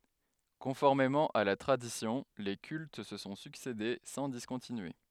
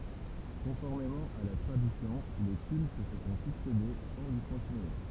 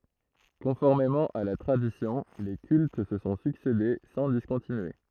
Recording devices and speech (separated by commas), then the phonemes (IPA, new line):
headset microphone, temple vibration pickup, throat microphone, read sentence
kɔ̃fɔʁmemɑ̃ a la tʁadisjɔ̃ le kylt sə sɔ̃ syksede sɑ̃ diskɔ̃tinye